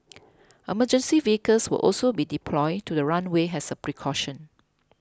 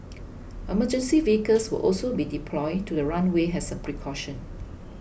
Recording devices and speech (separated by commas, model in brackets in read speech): close-talking microphone (WH20), boundary microphone (BM630), read sentence